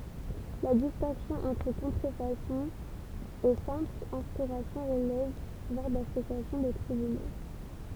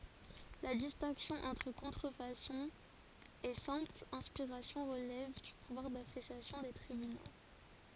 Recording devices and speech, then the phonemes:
temple vibration pickup, forehead accelerometer, read sentence
la distɛ̃ksjɔ̃ ɑ̃tʁ kɔ̃tʁəfasɔ̃ e sɛ̃pl ɛ̃spiʁasjɔ̃ ʁəlɛv dy puvwaʁ dapʁesjasjɔ̃ de tʁibyno

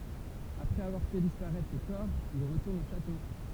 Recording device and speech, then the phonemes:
temple vibration pickup, read sentence
apʁɛz avwaʁ fɛ dispaʁɛtʁ le kɔʁ il ʁətuʁnt o ʃato

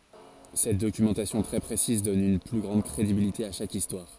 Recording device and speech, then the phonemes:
forehead accelerometer, read sentence
sɛt dokymɑ̃tasjɔ̃ tʁɛ pʁesiz dɔn yn ply ɡʁɑ̃d kʁedibilite a ʃak istwaʁ

